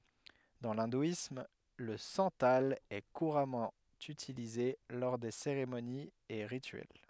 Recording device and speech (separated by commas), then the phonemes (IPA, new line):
headset microphone, read sentence
dɑ̃ lɛ̃dwism lə sɑ̃tal ɛ kuʁamɑ̃ ytilize lɔʁ de seʁemoniz e ʁityɛl